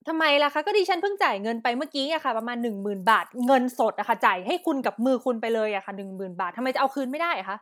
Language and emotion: Thai, angry